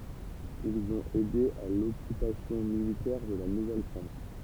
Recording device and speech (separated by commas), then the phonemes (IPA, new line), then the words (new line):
temple vibration pickup, read sentence
ilz ɔ̃t ɛde a lɔkypasjɔ̃ militɛʁ də la nuvɛlfʁɑ̃s
Ils ont aidé à l'occupation militaire de la Nouvelle-France.